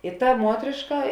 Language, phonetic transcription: Lithuanian, i ta ˈmuotrėška

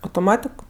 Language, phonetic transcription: Lithuanian, autoˈmatik

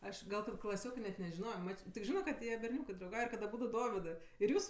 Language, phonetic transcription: Lithuanian, ˈaš ˈgal kad klaˈsiokɜ net nežiˈnojo ˈmač tik ˈžino kad ˈjie berˈniūkɜ drauˈgauj ir kad aˈbūdu ˈdovidɜ ir ˈjūs

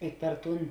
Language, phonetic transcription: Lithuanian, i per ˈtūn

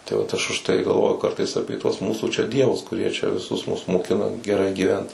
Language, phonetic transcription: Lithuanian, tai ˈvat ˈaš užˈtai galˈvoju ˈkartais ˈapė tuos ˈmūsų čia ˈdievus kuˈrie čia viˈsus mus moˈkina geˈrai gyˈvent

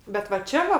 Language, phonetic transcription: Lithuanian, bet va ˈčia va

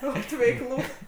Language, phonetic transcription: Lithuanian, ˈot veiˈklų

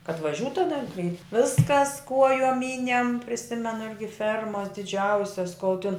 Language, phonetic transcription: Lithuanian, kad vaˈžiūt taˈda kai ˈviskas ˈkuojom ˈmynem priˈsimenu ˈirgi ˈfermas diˈdžiausias kol tin

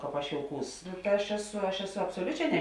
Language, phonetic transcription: Lithuanian, ˈkāp aš jouˈkūs aš ˈeˌsu aš ˈeˌsu absoˈliuˌčē ne

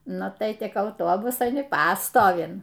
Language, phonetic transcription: Lithuanian, ˈnu tai ˈtik auˈtobusan i ˈpastovin

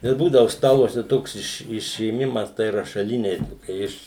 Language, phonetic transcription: Lithuanian, ir ˈbūdavu ˈstaluose ˈtoks iš išėˈmimas tai rašaˈlinei ˈtokia iš

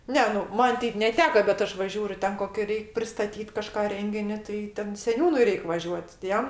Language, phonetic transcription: Lithuanian, ˈne nu ˈman ˈteip neˈteka bet ˈaš va ˈžiūriu ˈten ˈkokia ˈreik' pristaˈtyt kaˈžką ˈrengini tai ˈten seˈniūnui ˈreik' vaˈžiuot' ti ˈjam

